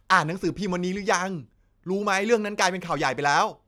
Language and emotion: Thai, happy